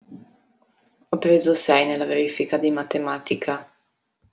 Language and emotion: Italian, neutral